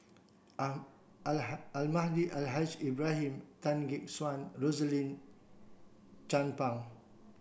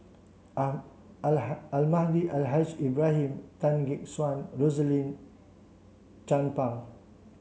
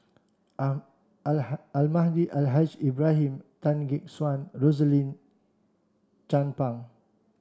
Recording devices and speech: boundary microphone (BM630), mobile phone (Samsung C7), standing microphone (AKG C214), read sentence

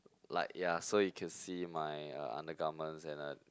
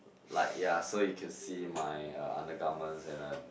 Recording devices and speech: close-talking microphone, boundary microphone, conversation in the same room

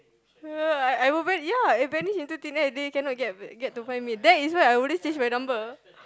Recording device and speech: close-talking microphone, conversation in the same room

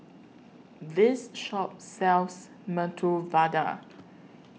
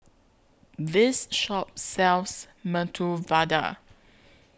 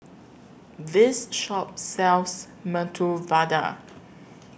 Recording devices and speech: mobile phone (iPhone 6), close-talking microphone (WH20), boundary microphone (BM630), read sentence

